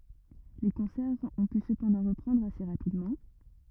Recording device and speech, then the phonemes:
rigid in-ear microphone, read sentence
le kɔ̃sɛʁz ɔ̃ py səpɑ̃dɑ̃ ʁəpʁɑ̃dʁ ase ʁapidmɑ̃

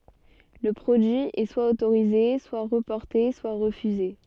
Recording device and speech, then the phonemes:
soft in-ear microphone, read sentence
lə pʁodyi ɛ swa otoʁize swa ʁəpɔʁte swa ʁəfyze

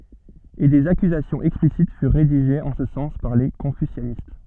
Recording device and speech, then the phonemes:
soft in-ear microphone, read sentence
e dez akyzasjɔ̃z ɛksplisit fyʁ ʁediʒez ɑ̃ sə sɑ̃s paʁ le kɔ̃fysjanist

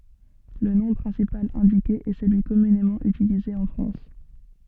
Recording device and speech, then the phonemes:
soft in-ear microphone, read sentence
lə nɔ̃ pʁɛ̃sipal ɛ̃dike ɛ səlyi kɔmynemɑ̃ ytilize ɑ̃ fʁɑ̃s

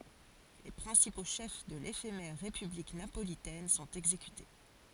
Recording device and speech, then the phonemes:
forehead accelerometer, read sentence
le pʁɛ̃sipo ʃɛf də lefemɛʁ ʁepyblik napolitɛn sɔ̃t ɛɡzekyte

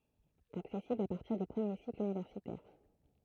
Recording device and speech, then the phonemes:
throat microphone, read sentence
aksɛsiblz a paʁtiʁ dy pʁəmje sikl ynivɛʁsitɛʁ

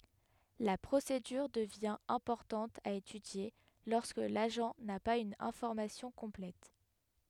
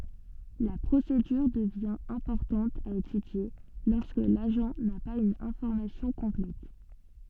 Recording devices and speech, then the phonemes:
headset microphone, soft in-ear microphone, read sentence
la pʁosedyʁ dəvjɛ̃ ɛ̃pɔʁtɑ̃t a etydje lɔʁskə laʒɑ̃ na paz yn ɛ̃fɔʁmasjɔ̃ kɔ̃plɛt

